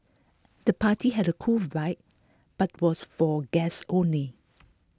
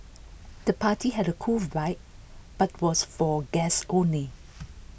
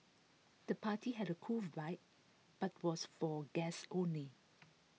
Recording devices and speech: close-talking microphone (WH20), boundary microphone (BM630), mobile phone (iPhone 6), read sentence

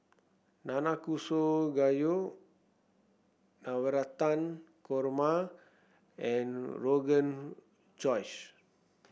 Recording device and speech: boundary microphone (BM630), read sentence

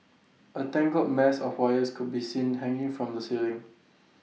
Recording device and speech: mobile phone (iPhone 6), read sentence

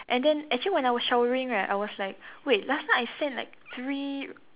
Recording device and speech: telephone, conversation in separate rooms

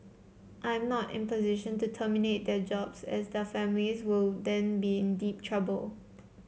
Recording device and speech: mobile phone (Samsung C7), read sentence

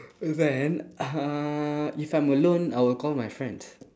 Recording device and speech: standing microphone, conversation in separate rooms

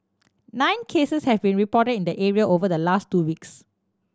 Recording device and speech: standing microphone (AKG C214), read sentence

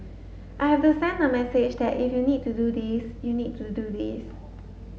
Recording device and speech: mobile phone (Samsung S8), read sentence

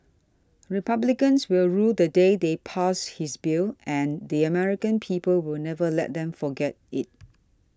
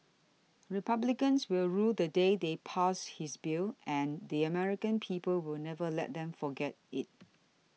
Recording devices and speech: standing microphone (AKG C214), mobile phone (iPhone 6), read sentence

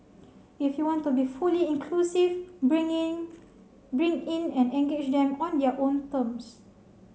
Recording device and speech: mobile phone (Samsung C7), read sentence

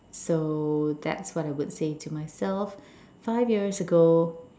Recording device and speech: standing microphone, conversation in separate rooms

